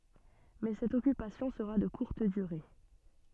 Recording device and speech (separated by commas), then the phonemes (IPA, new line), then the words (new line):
soft in-ear microphone, read sentence
mɛ sɛt ɔkypasjɔ̃ səʁa də kuʁt dyʁe
Mais cette occupation sera de courte durée.